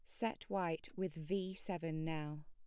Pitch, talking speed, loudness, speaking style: 180 Hz, 160 wpm, -42 LUFS, plain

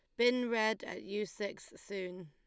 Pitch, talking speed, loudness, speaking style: 210 Hz, 175 wpm, -36 LUFS, Lombard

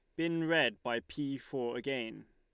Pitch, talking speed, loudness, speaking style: 135 Hz, 170 wpm, -35 LUFS, Lombard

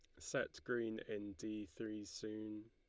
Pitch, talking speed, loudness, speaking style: 110 Hz, 145 wpm, -46 LUFS, Lombard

